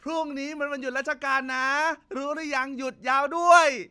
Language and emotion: Thai, happy